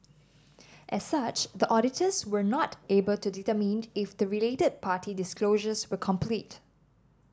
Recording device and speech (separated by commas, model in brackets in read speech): standing microphone (AKG C214), read sentence